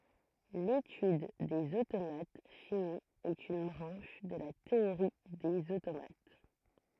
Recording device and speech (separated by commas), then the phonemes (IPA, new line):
throat microphone, read sentence
letyd dez otomat fini ɛt yn bʁɑ̃ʃ də la teoʁi dez otomat